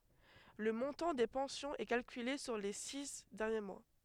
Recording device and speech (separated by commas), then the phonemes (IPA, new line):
headset microphone, read sentence
lə mɔ̃tɑ̃ de pɑ̃sjɔ̃z ɛ kalkyle syʁ le si dɛʁnje mwa